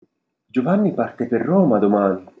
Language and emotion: Italian, surprised